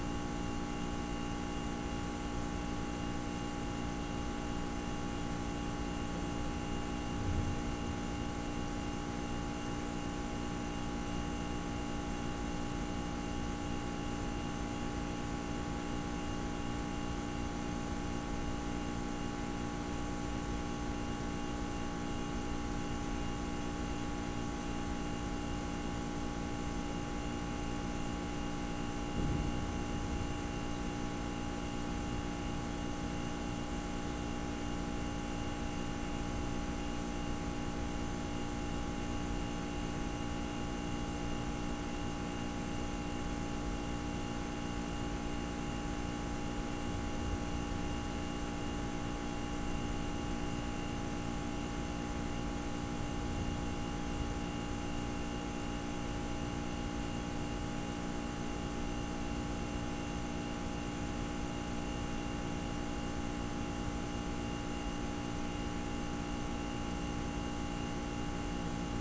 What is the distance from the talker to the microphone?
No talker.